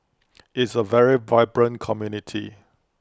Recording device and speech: close-talking microphone (WH20), read sentence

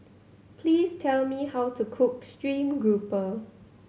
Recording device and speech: mobile phone (Samsung C7100), read sentence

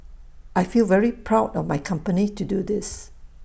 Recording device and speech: boundary microphone (BM630), read sentence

